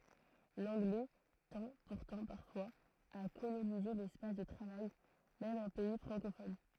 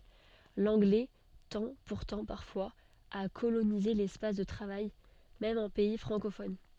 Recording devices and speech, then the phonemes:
throat microphone, soft in-ear microphone, read sentence
lɑ̃ɡlɛ tɑ̃ puʁtɑ̃ paʁfwaz a kolonize lɛspas də tʁavaj mɛm ɑ̃ pɛi fʁɑ̃kofɔn

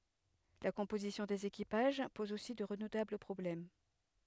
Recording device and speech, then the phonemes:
headset microphone, read sentence
la kɔ̃pozisjɔ̃ dez ekipaʒ pɔz osi də ʁədutabl pʁɔblɛm

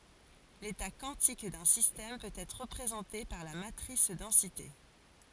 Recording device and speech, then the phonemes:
forehead accelerometer, read sentence
leta kwɑ̃tik dœ̃ sistɛm pøt ɛtʁ ʁəpʁezɑ̃te paʁ la matʁis dɑ̃site

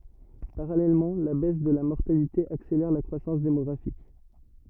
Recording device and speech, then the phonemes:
rigid in-ear microphone, read sentence
paʁalɛlmɑ̃ la bɛs də la mɔʁtalite akselɛʁ la kʁwasɑ̃s demɔɡʁafik

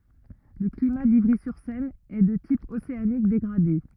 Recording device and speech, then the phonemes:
rigid in-ear microphone, read sentence
lə klima divʁizyʁsɛn ɛ də tip oseanik deɡʁade

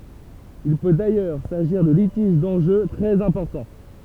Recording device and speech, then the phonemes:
temple vibration pickup, read sentence
il pø dajœʁ saʒiʁ də litiʒ dɑ̃ʒø tʁɛz ɛ̃pɔʁtɑ̃

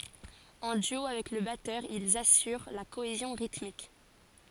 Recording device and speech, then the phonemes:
forehead accelerometer, read sentence
ɑ̃ dyo avɛk lə batœʁ ilz asyʁ la koezjɔ̃ ʁitmik

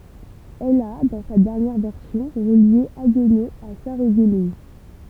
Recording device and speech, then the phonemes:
temple vibration pickup, read sentence
ɛl a dɑ̃ sa dɛʁnjɛʁ vɛʁsjɔ̃ ʁəlje aɡno a saʁəɡmin

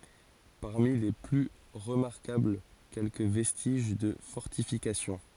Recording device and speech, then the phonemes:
forehead accelerometer, read sentence
paʁmi le ply ʁəmaʁkabl kɛlkə vɛstiʒ də fɔʁtifikasjɔ̃

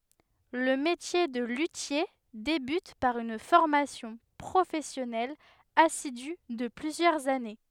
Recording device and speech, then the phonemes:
headset microphone, read sentence
lə metje də lytje debyt paʁ yn fɔʁmasjɔ̃ pʁofɛsjɔnɛl asidy də plyzjœʁz ane

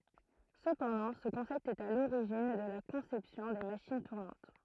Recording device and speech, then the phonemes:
throat microphone, read sentence
səpɑ̃dɑ̃ sə kɔ̃sɛpt ɛt a loʁiʒin də la kɔ̃sɛpsjɔ̃ de maʃin tuʁnɑ̃t

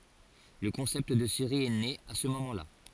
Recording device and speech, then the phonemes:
forehead accelerometer, read sentence
lə kɔ̃sɛpt də seʁi ɛ ne a sə momɑ̃ la

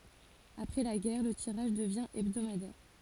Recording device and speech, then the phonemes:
forehead accelerometer, read sentence
apʁɛ la ɡɛʁ lə tiʁaʒ dəvjɛ̃ ɛbdomadɛʁ

